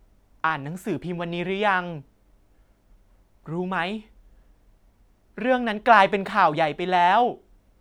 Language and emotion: Thai, neutral